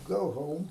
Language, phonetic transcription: Lithuanian, ˈgau ˈhoum

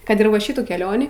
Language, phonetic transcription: Lithuanian, ˈkad ir va ˈšitų keˈlionį

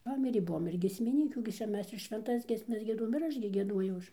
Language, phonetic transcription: Lithuanian, ˈpamirė ˈbuvom ir giesmiˈnykių gi ˈčia ˈmes ir švenˈtas giesˈmes gieˈduojom ir ˈaš gi gieˈduojau ˈaš

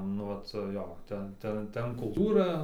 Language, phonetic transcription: Lithuanian, nu ˈvat ˈjo ˈten ˈta ˈten kulˈtūra

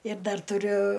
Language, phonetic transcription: Lithuanian, ir ˈdar tuˈriu

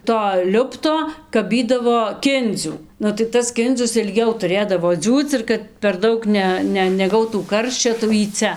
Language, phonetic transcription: Lithuanian, to ˈliupto kaˈbydavo ˈkindzių nu tai ˈtas ˈkindzius ilˈgiau tuˈrėdavo ˈdziūc ir kad per ˈdaug ˈne ˈ ne neˈgautų ˈkarščio tai jau jį ˈcia

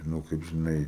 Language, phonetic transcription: Lithuanian, ˈnu kaip žiˈnai

